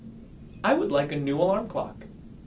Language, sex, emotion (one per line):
English
male
neutral